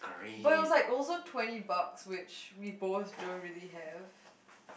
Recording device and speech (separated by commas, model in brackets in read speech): boundary microphone, conversation in the same room